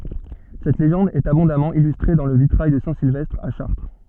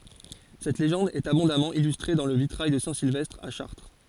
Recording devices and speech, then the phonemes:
soft in-ear microphone, forehead accelerometer, read sentence
sɛt leʒɑ̃d ɛt abɔ̃damɑ̃ ilystʁe dɑ̃ lə vitʁaj də sɛ̃ silvɛstʁ a ʃaʁtʁ

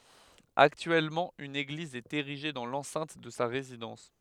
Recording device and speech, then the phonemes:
headset microphone, read sentence
aktyɛlmɑ̃ yn eɡliz ɛt eʁiʒe dɑ̃ lɑ̃sɛ̃t də sa ʁezidɑ̃s

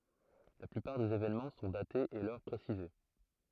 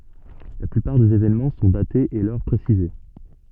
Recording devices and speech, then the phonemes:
throat microphone, soft in-ear microphone, read sentence
la plypaʁ dez evenmɑ̃ sɔ̃ datez e lœʁ pʁesize

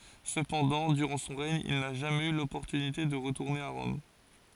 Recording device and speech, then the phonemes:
forehead accelerometer, read sentence
səpɑ̃dɑ̃ dyʁɑ̃ sɔ̃ ʁɛɲ il na ʒamɛz y lɔpɔʁtynite də ʁətuʁne a ʁɔm

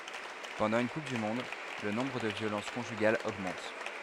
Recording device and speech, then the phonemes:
headset microphone, read sentence
pɑ̃dɑ̃ yn kup dy mɔ̃d lə nɔ̃bʁ də vjolɑ̃s kɔ̃ʒyɡalz oɡmɑ̃t

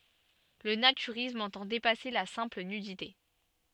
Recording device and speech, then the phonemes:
soft in-ear microphone, read sentence
lə natyʁism ɑ̃tɑ̃ depase la sɛ̃pl nydite

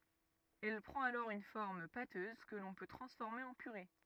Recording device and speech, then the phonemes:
rigid in-ear microphone, read sentence
ɛl pʁɑ̃t alɔʁ yn fɔʁm patøz kə lɔ̃ pø tʁɑ̃sfɔʁme ɑ̃ pyʁe

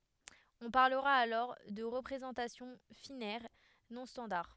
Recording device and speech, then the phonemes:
headset microphone, read sentence
ɔ̃ paʁləʁa alɔʁ də ʁəpʁezɑ̃tasjɔ̃ finɛʁ nɔ̃ stɑ̃daʁ

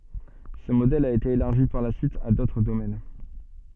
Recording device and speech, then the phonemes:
soft in-ear microphone, read sentence
sə modɛl a ete elaʁʒi paʁ la syit a dotʁ domɛn

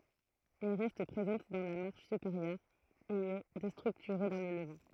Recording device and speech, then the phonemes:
throat microphone, read sentence
ɛl ʁɛst pʁezɑ̃t dɑ̃ la maʁʃ sypeʁjœʁ e ɛ destʁyktyʁe dɑ̃ lə ləvɑ̃

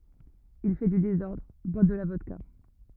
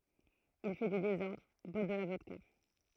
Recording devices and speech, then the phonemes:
rigid in-ear microphone, throat microphone, read sentence
il fɛ dy dezɔʁdʁ bwa də la vɔdka

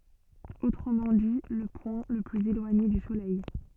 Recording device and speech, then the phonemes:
soft in-ear microphone, read sentence
otʁəmɑ̃ di lə pwɛ̃ lə plyz elwaɲe dy solɛj

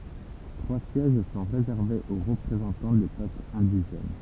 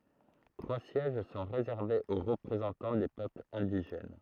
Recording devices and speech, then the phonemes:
temple vibration pickup, throat microphone, read sentence
tʁwa sjɛʒ sɔ̃ ʁezɛʁvez o ʁəpʁezɑ̃tɑ̃ de pøplz ɛ̃diʒɛn

